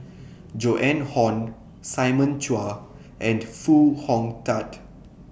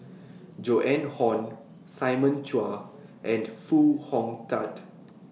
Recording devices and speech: boundary microphone (BM630), mobile phone (iPhone 6), read sentence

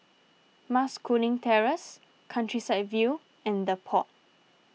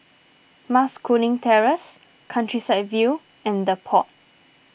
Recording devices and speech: mobile phone (iPhone 6), boundary microphone (BM630), read sentence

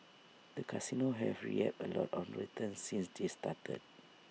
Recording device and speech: mobile phone (iPhone 6), read sentence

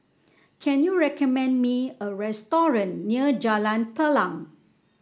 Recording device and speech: standing microphone (AKG C214), read sentence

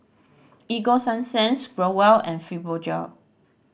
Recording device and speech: boundary microphone (BM630), read sentence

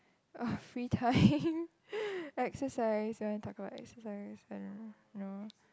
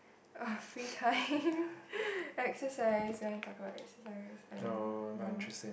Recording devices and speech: close-talking microphone, boundary microphone, conversation in the same room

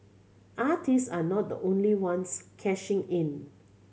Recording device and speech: mobile phone (Samsung C7100), read sentence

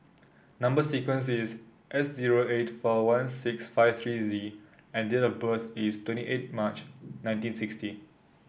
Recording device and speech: boundary microphone (BM630), read sentence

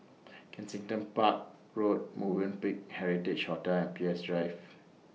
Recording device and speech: mobile phone (iPhone 6), read sentence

